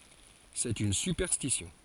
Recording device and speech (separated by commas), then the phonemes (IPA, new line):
forehead accelerometer, read sentence
sɛt yn sypɛʁstisjɔ̃